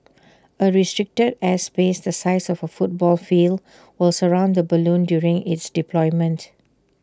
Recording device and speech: standing microphone (AKG C214), read sentence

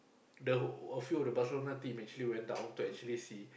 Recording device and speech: boundary microphone, conversation in the same room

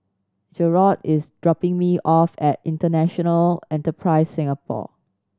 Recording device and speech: standing microphone (AKG C214), read sentence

